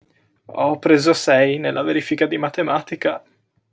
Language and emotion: Italian, sad